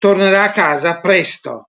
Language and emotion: Italian, angry